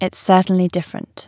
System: none